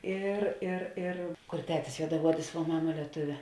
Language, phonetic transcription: Lithuanian, ˈir ir ir kur ˈtetis juodaˈuodis vuo ˈmama lieˈtuvė

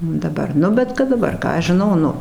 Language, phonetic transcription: Lithuanian, daˈbar ˈnu bet kad daˈbar ˈką aš žiˈnau ˈnu

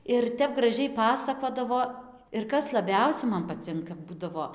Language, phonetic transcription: Lithuanian, ir ˈtep graˈžiai ˈpasakodavo ir ˈkas laˈbiausia ˈman paˈcinka ˈbūdavo

